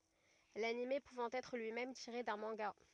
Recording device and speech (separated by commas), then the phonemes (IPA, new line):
rigid in-ear microphone, read sentence
lanim puvɑ̃ ɛtʁ lyi mɛm tiʁe dœ̃ mɑ̃ɡa